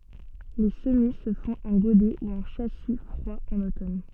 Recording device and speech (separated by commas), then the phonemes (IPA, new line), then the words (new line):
soft in-ear microphone, read sentence
le səmi sə fɔ̃t ɑ̃ ɡodɛ u ɑ̃ ʃasi fʁwa ɑ̃n otɔn
Les semis se font en godet ou en châssis froid en automne.